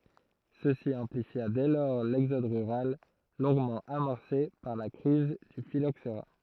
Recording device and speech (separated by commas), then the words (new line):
throat microphone, read sentence
Ceci amplifia dès lors l'exode rural, longuement amorcé par la crise du phylloxera.